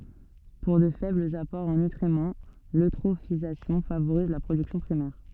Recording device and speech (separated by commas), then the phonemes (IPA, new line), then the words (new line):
soft in-ear microphone, read sentence
puʁ də fɛblz apɔʁz ɑ̃ nytʁimɑ̃ løtʁofizasjɔ̃ favoʁiz la pʁodyksjɔ̃ pʁimɛʁ
Pour de faibles apports en nutriments, l'eutrophisation favorise la production primaire.